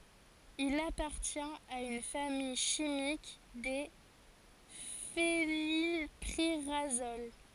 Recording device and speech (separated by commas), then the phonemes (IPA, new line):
forehead accelerometer, read sentence
il apaʁtjɛ̃t a yn famij ʃimik de fenilpiʁazol